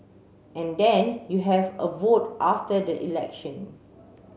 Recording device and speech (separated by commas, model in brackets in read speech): mobile phone (Samsung C7), read sentence